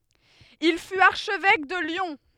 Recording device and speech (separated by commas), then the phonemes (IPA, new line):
headset microphone, read sentence
il fyt aʁʃvɛk də ljɔ̃